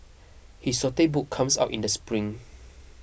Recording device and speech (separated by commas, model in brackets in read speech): boundary microphone (BM630), read sentence